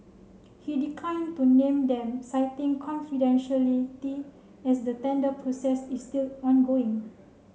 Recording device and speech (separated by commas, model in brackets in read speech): mobile phone (Samsung C7), read sentence